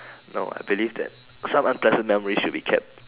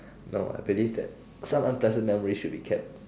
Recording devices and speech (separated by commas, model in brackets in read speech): telephone, standing microphone, conversation in separate rooms